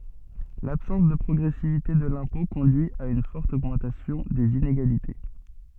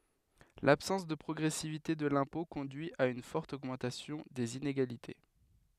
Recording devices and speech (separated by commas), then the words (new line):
soft in-ear microphone, headset microphone, read sentence
L’absence de progressivité de l’impôt conduit à une forte augmentation des inégalités.